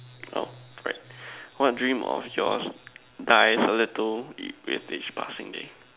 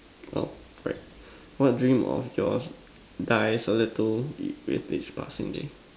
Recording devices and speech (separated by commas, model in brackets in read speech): telephone, standing microphone, conversation in separate rooms